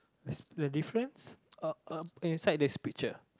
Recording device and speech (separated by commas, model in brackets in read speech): close-talking microphone, conversation in the same room